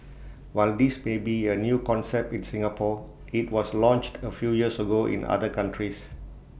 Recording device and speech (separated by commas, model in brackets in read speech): boundary microphone (BM630), read sentence